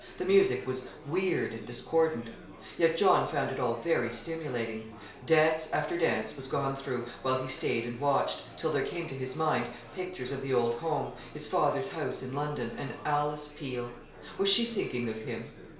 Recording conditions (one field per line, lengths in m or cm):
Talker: one person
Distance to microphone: 1.0 m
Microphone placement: close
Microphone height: 1.1 m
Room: small (3.7 m by 2.7 m)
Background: babble